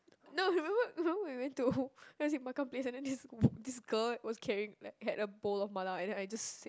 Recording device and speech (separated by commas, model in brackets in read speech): close-talking microphone, conversation in the same room